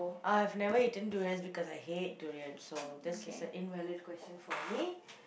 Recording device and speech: boundary microphone, conversation in the same room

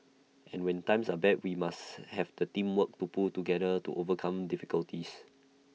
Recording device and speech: mobile phone (iPhone 6), read sentence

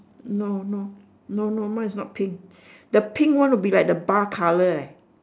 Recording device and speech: standing microphone, conversation in separate rooms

